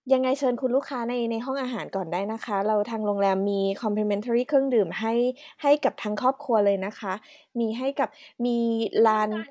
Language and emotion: Thai, neutral